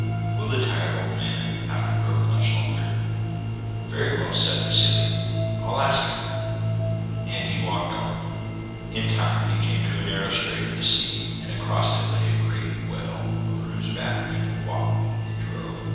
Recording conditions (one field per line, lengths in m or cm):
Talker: one person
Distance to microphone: 7.1 m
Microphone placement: far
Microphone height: 1.7 m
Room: very reverberant, large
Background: music